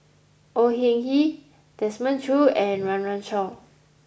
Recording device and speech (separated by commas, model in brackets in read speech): boundary microphone (BM630), read sentence